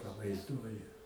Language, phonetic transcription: Lithuanian, pavaizˈduoju

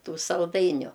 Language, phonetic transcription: Lithuanian, ˈtų salˈdainiu

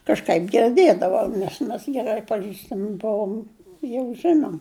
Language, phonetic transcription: Lithuanian, kažˈką girˈdėdavau nes ˈmes geˈrai paˈžįstami ˈbuom jau ˈžinom

